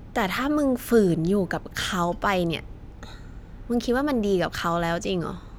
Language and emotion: Thai, frustrated